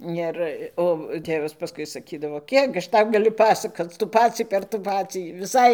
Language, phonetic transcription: Lithuanian, ˈir ˈo ˈtėvas paˈskui saˈkydavo ˈkiek aš ˈtau gaˈliu ˈpasakoc ˈtų ˈpacį per ˈtų ˈpacį viˈsai

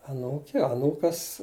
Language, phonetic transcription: Lithuanian, aˈnūkė aˈnūkas

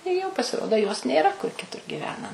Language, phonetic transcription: Lithuanian, i ˈjau pasiˈrodo jos nėˈra kur kiˈtur giˈvena

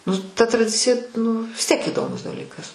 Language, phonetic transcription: Lithuanian, nu ta traˈdicija nu vis tiek įˈdomus daˈlykas

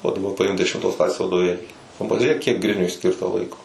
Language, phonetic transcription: Lithuanian, o daˈba paˈimk dešimˈtos ˈklasės vadoˈvėlį nu pažiuˈrėk kiek ˈgriniui ˈskirta ˈlaiko

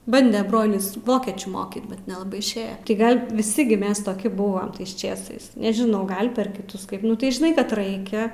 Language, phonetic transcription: Lithuanian, ˈbande ˈbrolis ˈvokiečių ˈmokyt bet nelaˈbai išˈėja ti ˈgal' viˈsi gi ˈmes toˈki ˈbuvam ˈtais ˈčėsais nežiˈnau ˈgal' per kiˈtus ˈkaip ˈnu tai žiˈnai kad ˈraikia

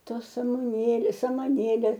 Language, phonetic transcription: Lithuanian, ˈtos ramuˈnėlės samaˈnėlė

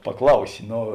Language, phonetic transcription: Lithuanian, paˈklausi ˈno

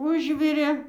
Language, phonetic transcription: Lithuanian, ˈužvirė

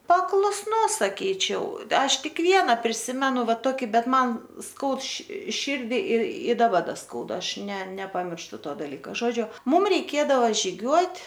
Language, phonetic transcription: Lithuanian, paklusˈnus saˈkyčiau ˈaš ˈtik ˈviena priˈsimenu ˈva ˈtoki ˈbet ˈman ˈskaud ši ˈšyrdi ir i daˈba ˈda ˈskauda ˈaš ne nepamiršˈtu ˈto dalˈyką ˈžodžiu ˈmum reiˈkėdava žiˈgiuot'

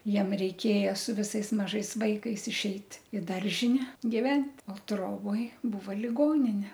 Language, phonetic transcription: Lithuanian, ˈjiem reiˈkėja su viˈsais maˈžais ˈvaikais išˈeit i ˈdaržine giˈvent' o ˈtroboj ˈbūva liˈgonine

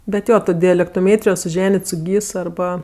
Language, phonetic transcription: Lithuanian, bet ˈjo ˈto dialektoˈmėtrijo suˈženit' su ˈgys arˈba

